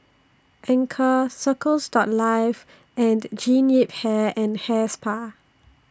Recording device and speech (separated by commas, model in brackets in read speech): standing microphone (AKG C214), read sentence